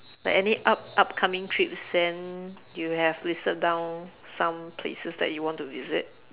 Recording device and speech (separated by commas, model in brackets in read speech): telephone, conversation in separate rooms